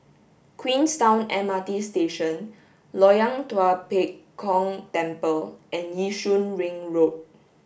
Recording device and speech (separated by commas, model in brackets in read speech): boundary microphone (BM630), read sentence